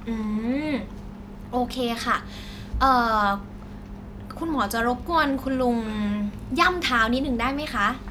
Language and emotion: Thai, neutral